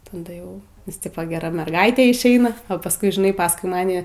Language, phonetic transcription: Lithuanian, taˈda ˈjau nes ˈtipo geˈra merˈgaitė išˈeina o pasˈkui žiˈnai pasˈkui ˈmani

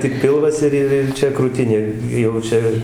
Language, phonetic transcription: Lithuanian, tik ˈpilvas ir ˈir ir ˈčia krūˈtinė jau ˈčia

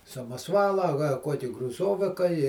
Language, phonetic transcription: Lithuanian, samaˈsvala a ka ˈkuoki gruˈzovika i

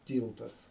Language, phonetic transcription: Lithuanian, ˈtyltas

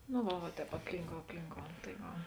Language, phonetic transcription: Lithuanian, no ˈva va ˈtēp apˈlynkou apˈlynkou tai ˈva

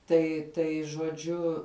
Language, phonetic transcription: Lithuanian, ˈtai ˈtai žuoˈdžiu

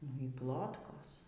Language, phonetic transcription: Lithuanian, nu y ˈplotkos

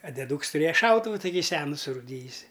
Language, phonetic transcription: Lithuanian, a deˈdūks tuˈrėja ˈšautuvu ˈtaky ˈsenu surūˈdyjusi

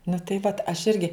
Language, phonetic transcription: Lithuanian, nu tai ˈvat aš ˈirgi

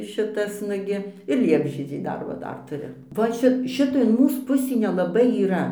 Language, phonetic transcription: Lithuanian, ˈšitas ˈnugi ir ˈliepžiedžiai ˈdar va ˈdar tuˈriu va ˈčia ˈšita in ˈmūs ˈpusį neˈlabai yˈra

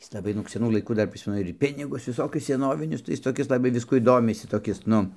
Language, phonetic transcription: Lithuanian, ˈjis laˈbai nug seˈnų laiˈkų ˈdar ˈprismenu ir ˈpinigus viˈsokius seˈnovinius tai ˈjis toˈkis laˈbai ˈviskuoj ˈdomisi toˈkis ˈnu

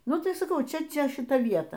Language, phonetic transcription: Lithuanian, ˈnu tai saˈkau ˈčia ˈčia šiˈta ˈvieta

